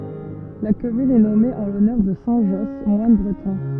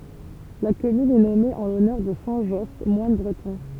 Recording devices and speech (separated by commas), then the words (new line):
soft in-ear microphone, temple vibration pickup, read sentence
La commune est nommée en l'honneur de saint Josse, moine breton.